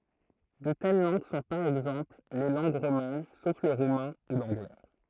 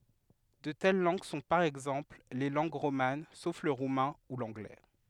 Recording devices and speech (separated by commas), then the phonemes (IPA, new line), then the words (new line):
throat microphone, headset microphone, read sentence
də tɛl lɑ̃ɡ sɔ̃ paʁ ɛɡzɑ̃pl le lɑ̃ɡ ʁoman sof lə ʁumɛ̃ u lɑ̃ɡlɛ
De telles langues sont, par exemple, les langues romanes, sauf le roumain, ou l’anglais.